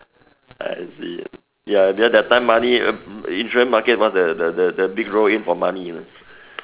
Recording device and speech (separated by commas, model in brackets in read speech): telephone, conversation in separate rooms